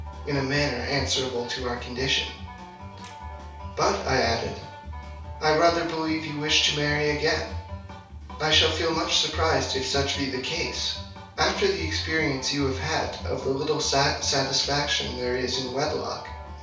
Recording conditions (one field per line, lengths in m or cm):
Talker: one person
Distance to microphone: 3.0 m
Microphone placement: far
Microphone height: 1.8 m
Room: small (3.7 m by 2.7 m)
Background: music